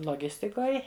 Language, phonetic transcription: Lithuanian, loˈgistikoj

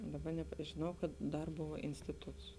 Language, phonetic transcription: Lithuanian, ˈdaˌba nep žiˈnau kad ˈdar ˈbova ˈinstituts

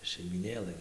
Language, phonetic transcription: Lithuanian, šeimyˈnėlɘ

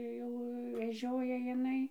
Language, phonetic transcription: Lithuanian, ˈjau veˈžioja jiˈnai

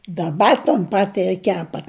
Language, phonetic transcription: Lithuanian, daˈba ton ˈpati ir ˈkepat

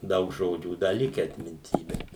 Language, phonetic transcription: Lithuanian, ˈdaug ˈžodžių ˈda ˈlikę atminˈty ˈbet

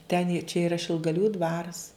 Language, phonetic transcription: Lithuanian, ten i čia ˈira šilgaˈlių ˈdvaras

